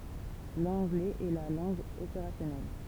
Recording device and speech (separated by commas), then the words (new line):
temple vibration pickup, read sentence
L’anglais est la langue opérationnelle.